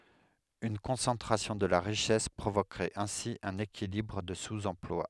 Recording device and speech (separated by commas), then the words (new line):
headset microphone, read sentence
Une concentration de la richesse provoquerait ainsi un équilibre de sous-emploi.